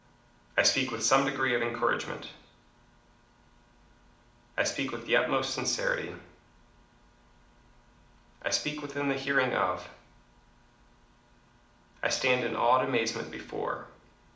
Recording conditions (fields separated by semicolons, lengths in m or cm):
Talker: one person; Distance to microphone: 2.0 m; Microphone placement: close; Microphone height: 99 cm; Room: medium-sized (5.7 m by 4.0 m); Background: none